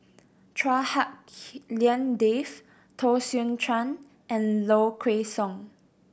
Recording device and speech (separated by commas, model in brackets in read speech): boundary microphone (BM630), read sentence